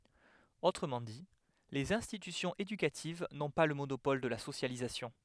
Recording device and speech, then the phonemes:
headset microphone, read sentence
otʁəmɑ̃ di lez ɛ̃stitysjɔ̃z edykativ nɔ̃ pa lə monopɔl də la sosjalizasjɔ̃

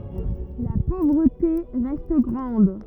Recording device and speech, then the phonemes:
rigid in-ear microphone, read sentence
la povʁəte ʁɛst ɡʁɑ̃d

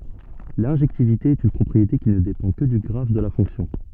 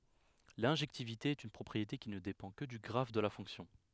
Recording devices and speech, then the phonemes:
soft in-ear microphone, headset microphone, read sentence
lɛ̃ʒɛktivite ɛt yn pʁɔpʁiete ki nə depɑ̃ kə dy ɡʁaf də la fɔ̃ksjɔ̃

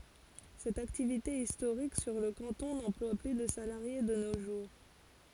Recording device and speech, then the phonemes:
forehead accelerometer, read sentence
sɛt aktivite istoʁik syʁ lə kɑ̃tɔ̃ nɑ̃plwa ply də salaʁje də no ʒuʁ

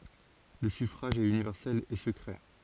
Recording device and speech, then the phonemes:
forehead accelerometer, read sentence
lə syfʁaʒ ɛt ynivɛʁsɛl e səkʁɛ

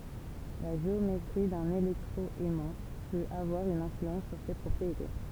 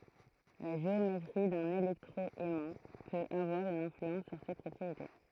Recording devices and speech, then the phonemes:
temple vibration pickup, throat microphone, read sentence
la ʒeometʁi dœ̃n elɛktʁo ɛmɑ̃ pøt avwaʁ yn ɛ̃flyɑ̃s syʁ se pʁɔpʁiete

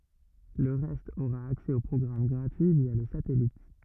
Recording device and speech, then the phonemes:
rigid in-ear microphone, read sentence
lə ʁɛst oʁa aksɛ o pʁɔɡʁam ɡʁatyi vja lə satɛlit

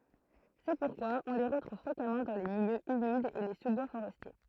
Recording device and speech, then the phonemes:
throat microphone, read sentence
sɛ puʁkwa ɔ̃ le ʁətʁuv fʁekamɑ̃ dɑ̃ de miljøz ymidz e le suzbwa foʁɛstje

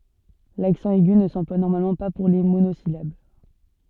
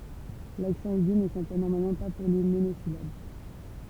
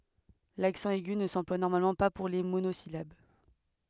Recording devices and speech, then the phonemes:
soft in-ear microphone, temple vibration pickup, headset microphone, read sentence
laksɑ̃ ɛɡy nə sɑ̃plwa nɔʁmalmɑ̃ pa puʁ le monozilab

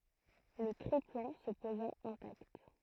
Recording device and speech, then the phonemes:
throat microphone, read sentence
lə tʁiplɑ̃ sə poza ɛ̃takt

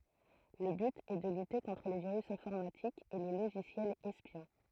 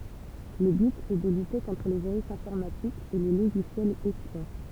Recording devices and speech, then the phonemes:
throat microphone, temple vibration pickup, read sentence
lə byt ɛ də lyte kɔ̃tʁ le viʁys ɛ̃fɔʁmatikz e le loʒisjɛlz ɛspjɔ̃

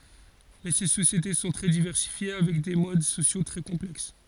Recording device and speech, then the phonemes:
forehead accelerometer, read sentence
mɛ se sosjete sɔ̃ tʁɛ divɛʁsifje avɛk de mod sosjo tʁɛ kɔ̃plɛks

